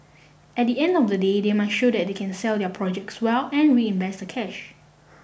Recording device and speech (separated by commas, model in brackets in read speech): boundary microphone (BM630), read sentence